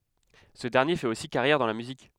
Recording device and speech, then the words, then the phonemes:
headset microphone, read sentence
Ce dernier fait aussi carrière dans la musique.
sə dɛʁnje fɛt osi kaʁjɛʁ dɑ̃ la myzik

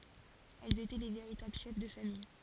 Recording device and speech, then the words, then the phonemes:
forehead accelerometer, read sentence
Elles étaient les véritables chefs de famille.
ɛlz etɛ le veʁitabl ʃɛf də famij

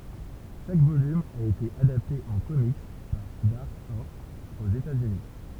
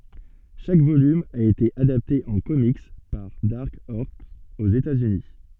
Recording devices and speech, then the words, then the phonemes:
temple vibration pickup, soft in-ear microphone, read sentence
Chaque volume a été adapté en comics par Dark Horse aux États-Unis.
ʃak volym a ete adapte ɑ̃ komik paʁ daʁk ɔʁs oz etaz yni

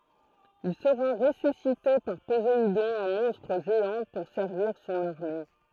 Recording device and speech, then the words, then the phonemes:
throat microphone, read sentence
Il sera ressuscité par Poséidon en monstre géant pour servir son armée.
il səʁa ʁesysite paʁ pozeidɔ̃ ɑ̃ mɔ̃stʁ ʒeɑ̃ puʁ sɛʁviʁ sɔ̃n aʁme

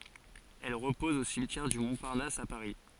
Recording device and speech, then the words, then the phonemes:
forehead accelerometer, read sentence
Elle repose au cimetière du Montparnasse à Paris.
ɛl ʁəpɔz o simtjɛʁ dy mɔ̃paʁnas a paʁi

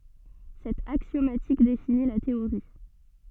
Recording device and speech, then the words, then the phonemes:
soft in-ear microphone, read sentence
Cette axiomatique définit la théorie.
sɛt aksjomatik defini la teoʁi

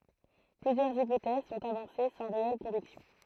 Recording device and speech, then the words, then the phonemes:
throat microphone, read sentence
Plusieurs hypothèses sont avancées sans réelles convictions.
plyzjœʁz ipotɛz sɔ̃t avɑ̃se sɑ̃ ʁeɛl kɔ̃viksjɔ̃

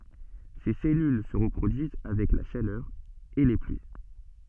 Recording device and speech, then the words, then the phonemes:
soft in-ear microphone, read sentence
Ses cellules se reproduisent avec la chaleur et les pluies.
se sɛlyl sə ʁəpʁodyiz avɛk la ʃalœʁ e le plyi

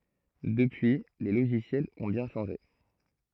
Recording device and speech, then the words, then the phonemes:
throat microphone, read sentence
Depuis les logiciels ont bien changé.
dəpyi le loʒisjɛlz ɔ̃ bjɛ̃ ʃɑ̃ʒe

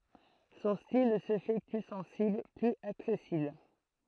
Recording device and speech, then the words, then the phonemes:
throat microphone, read sentence
Son style se fait plus sensible, plus accessible.
sɔ̃ stil sə fɛ ply sɑ̃sibl plyz aksɛsibl

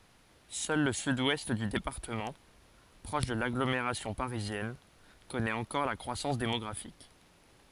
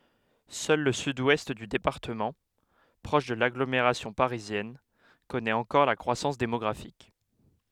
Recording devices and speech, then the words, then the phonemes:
forehead accelerometer, headset microphone, read sentence
Seul le Sud-Ouest du département, proche de l'agglomération parisienne, connaît encore la croissance démographique.
sœl lə syd wɛst dy depaʁtəmɑ̃ pʁɔʃ də laɡlomeʁasjɔ̃ paʁizjɛn kɔnɛt ɑ̃kɔʁ la kʁwasɑ̃s demɔɡʁafik

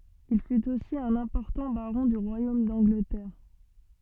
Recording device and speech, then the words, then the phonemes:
soft in-ear microphone, read sentence
Il fut aussi un important baron du royaume d'Angleterre.
il fyt osi œ̃n ɛ̃pɔʁtɑ̃ baʁɔ̃ dy ʁwajom dɑ̃ɡlətɛʁ

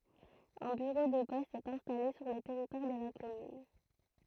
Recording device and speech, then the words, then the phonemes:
throat microphone, read sentence
Un bureau de poste est installé sur le territoire de la commune.
œ̃ byʁo də pɔst ɛt ɛ̃stale syʁ lə tɛʁitwaʁ də la kɔmyn

